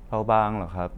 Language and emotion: Thai, neutral